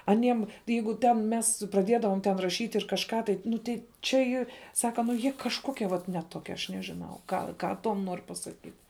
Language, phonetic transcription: Lithuanian, aˈniem ˈjeigu ten ˈmes praˈdiedavom ten raˈšyt' ir kažˈką tai ˈnu tei čia ˈyr ˈsaka nu ˈjie ˈkažkokie vat ne ˈtokie aš nežiˈnau ˈgal ˈką ˈtuom ˈnor pasaˈkyt

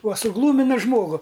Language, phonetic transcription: Lithuanian, uo suˈglūmina ˈžmogu

